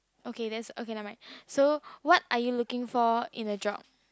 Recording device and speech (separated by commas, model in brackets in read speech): close-talking microphone, conversation in the same room